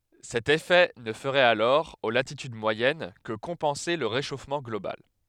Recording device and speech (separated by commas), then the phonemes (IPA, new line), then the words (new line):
headset microphone, read sentence
sɛt efɛ nə fəʁɛt alɔʁ o latityd mwajɛn kə kɔ̃pɑ̃se lə ʁeʃofmɑ̃ ɡlobal
Cet effet ne ferait alors, aux latitudes moyennes, que compenser le réchauffement global.